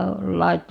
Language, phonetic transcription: Finnish, 'lait- , .
- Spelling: -

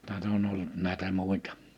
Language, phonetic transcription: Finnish, 'tät ‿on ollᵘt nä̀etä 'mùitᴀ .
- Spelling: tätä on ollut näitä muita

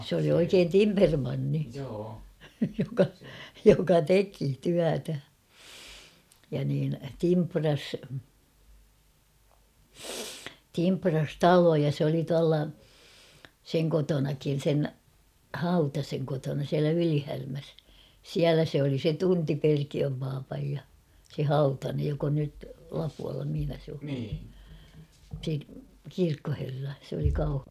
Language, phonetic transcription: Finnish, sᵉ ‿oli oikeen "timpermanni , joka , joka "teki 'tyätä , ja niin 'timpras , 'timpras "taloja s ‿oli tualla , 'seŋ kotonakin̬ 'sen , "Hautaseŋ kotona siälä 'Ylihärmäs , "siälä se oli se "tunti 'Perkiöm paapaj ja , se , "Hautanej jok ‿on nyt̳ 'Lapualla mihⁱnä se o , se 'kirkkoherra , sᵉ ‿oli Kauh- ...
- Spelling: se oli oikein timpermanni joka joka teki työtä ja niin timprasi timprasi taloja se oli tuolla sen kotonakin sen Hautasen kotona siellä Ylihärmässä siellä se oli se tunti Perkiön papan ja se Hautanen joka on nyt Lapualla missä se on se kirkkoherra se oli -

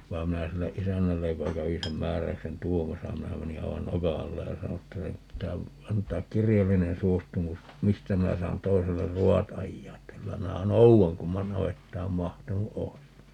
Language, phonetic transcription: Finnish, vai̮m 'minä 'sille "ʼisännällej joka 'kävi sem 'määräy̬ksen "tuomasa - 'minä meni 'aivan "noka alle ja 'sano että » 'nyt pitää , 'ant̀aak "kirjallinen 'suostumus , "mistä 'minä saan 'toiseller "ru₍at 'ajjaa että 'kylä 'minä "nou₍aŋ (kumman) 'navettaam "mahtunu 'ois .
- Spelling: vaan minä sille isännälle joka kävi sen määräyksen tuomassa minä menin aivan nokan alle ja sanoin että nyt pitää antaa kirjallinen suostumus mistä minä saan toiselle ruoat ajaa että kyllä minä noudan kumman navettaan mahtunut olisi

